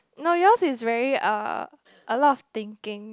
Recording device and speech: close-talking microphone, conversation in the same room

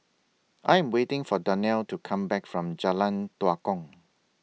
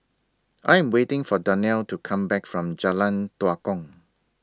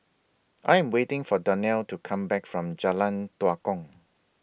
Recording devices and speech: mobile phone (iPhone 6), standing microphone (AKG C214), boundary microphone (BM630), read sentence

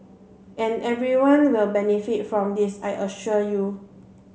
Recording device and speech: mobile phone (Samsung C7), read sentence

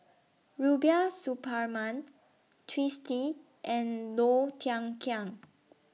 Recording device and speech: mobile phone (iPhone 6), read sentence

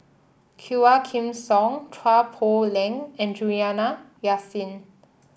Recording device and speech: boundary microphone (BM630), read sentence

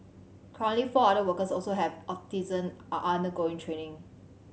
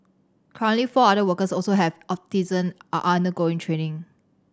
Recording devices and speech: mobile phone (Samsung C7100), standing microphone (AKG C214), read sentence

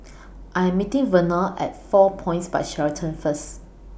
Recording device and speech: boundary microphone (BM630), read sentence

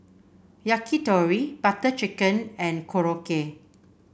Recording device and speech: boundary microphone (BM630), read sentence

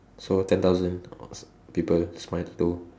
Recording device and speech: standing microphone, conversation in separate rooms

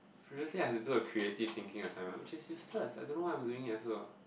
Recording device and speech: boundary microphone, conversation in the same room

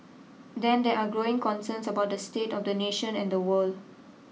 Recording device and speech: mobile phone (iPhone 6), read sentence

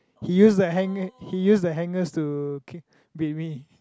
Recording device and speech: close-talking microphone, conversation in the same room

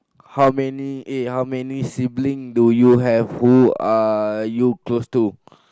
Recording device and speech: close-talking microphone, conversation in the same room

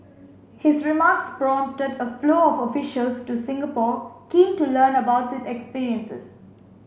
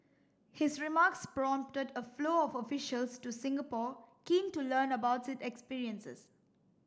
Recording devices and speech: mobile phone (Samsung C5), standing microphone (AKG C214), read sentence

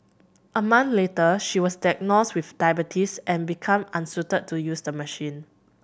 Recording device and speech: boundary microphone (BM630), read sentence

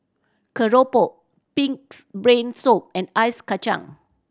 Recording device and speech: standing microphone (AKG C214), read sentence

